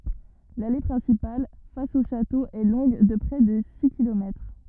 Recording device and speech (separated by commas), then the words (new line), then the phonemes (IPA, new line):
rigid in-ear microphone, read sentence
L'allée principale, face au château est longue de près de six kilomètres.
lale pʁɛ̃sipal fas o ʃato ɛ lɔ̃ɡ də pʁɛ də si kilomɛtʁ